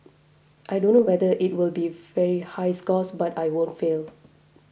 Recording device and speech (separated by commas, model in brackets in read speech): boundary microphone (BM630), read sentence